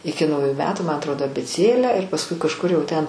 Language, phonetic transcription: Lithuanian, ˈiki nauˈju ˈmetu ma atˈrodo abėˈcėlę ir pasˈkui kažˈkur jau ten

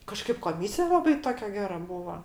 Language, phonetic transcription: Lithuanian, kaˈžkaip koˈmysija ˈlabai ˈtokia ˈgera ˈbūva

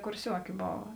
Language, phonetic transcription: Lithuanian, kurˈsiuoki ˈbova

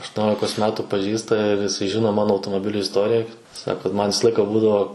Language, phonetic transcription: Lithuanian, aštuoˈniolikos ˈmetu paˈžįsta ir jiˈsai ˈžino ˈmano automoˈbiliu isˈtorija ˈsako ˈman' ˈvisa ˈlaika ˈbūdavo

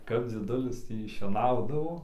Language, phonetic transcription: Lithuanian, kap dzieˈdulis ˈtį šieˈnaudavo

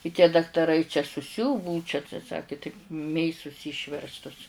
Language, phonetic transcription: Lithuanian, i tie daktaˈrai čia suˈsiuvu ˈbuu čia tai ˈsaki taip ˈmėsus ˈyšverstus

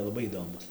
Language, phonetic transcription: Lithuanian, laˈbai įˈdomus

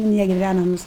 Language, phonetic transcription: Lithuanian, negiˈvænamus

